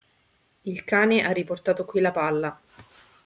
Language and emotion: Italian, neutral